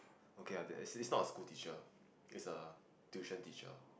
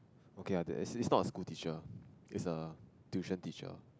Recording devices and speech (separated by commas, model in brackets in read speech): boundary microphone, close-talking microphone, conversation in the same room